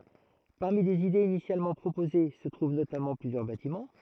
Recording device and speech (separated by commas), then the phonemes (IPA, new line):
throat microphone, read sentence
paʁmi lez idez inisjalmɑ̃ pʁopoze sə tʁuv notamɑ̃ plyzjœʁ batimɑ̃